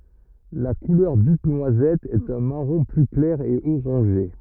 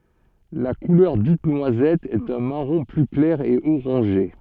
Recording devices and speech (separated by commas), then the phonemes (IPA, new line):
rigid in-ear microphone, soft in-ear microphone, read sentence
la kulœʁ dit nwazɛt ɛt œ̃ maʁɔ̃ ply klɛʁ e oʁɑ̃ʒe